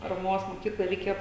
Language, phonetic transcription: Lithuanian, paraˈmos moˈkykloj reiˈkėjo

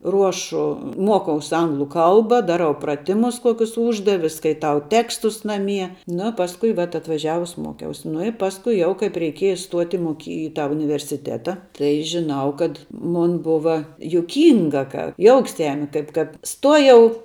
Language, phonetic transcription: Lithuanian, ˈruošu ˈmuokaus ˈanglu ˈkalba ˈdaˌrau praˈtimus ˈkuokius ˈūždavi skaiˈtau ˈtekstus naˈmie nu ˈpasku vat atvaˈžiavus ˈmuokiaus nu i ˈpaskui ˈjau kaip reiˈkieja stuot' i moˈky i ˈtą universiˈteta ˈtai žiˈnau kad ˈmun ˈbuva juˈkynga ka ˈjouks ˈjami ˈkaip kad ˈstuojau

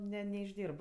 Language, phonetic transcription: Lithuanian, ˈne neišˈdyrb

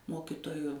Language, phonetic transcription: Lithuanian, ˈmokitoju

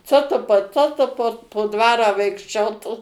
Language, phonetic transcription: Lithuanian, ˈco tu pa ˈco tu po po ˈdvarą vaikšˈčiotų

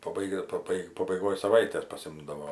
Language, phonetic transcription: Lithuanian, paˈbaigia paˈbai pabaiˈgoj saˈvaitės paˈsimdavo

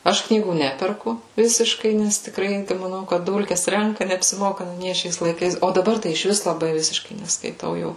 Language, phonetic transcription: Lithuanian, ˈaš ˈknygų ˈneperku ˈvisiškai nes tikˈrai maˈnau kad ˈdulkes ˈrenka neapsiˈmoka nu ˈnie ˈšiais laiˈkais o daˈbar tai išˈvis laˈbai ˈvisiškai neskaiˈtau jau

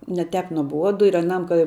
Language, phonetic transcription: Lithuanian, ne ˈtep nuoˈbuodu ir aˈnam ka

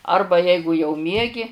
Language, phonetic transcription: Lithuanian, ˈarba ˈjeigu jau ˈmiegi

